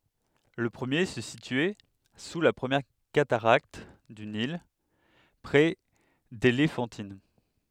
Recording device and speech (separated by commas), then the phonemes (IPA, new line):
headset microphone, read sentence
lə pʁəmje sə sityɛ su la pʁəmjɛʁ kataʁakt dy nil pʁɛ delefɑ̃tin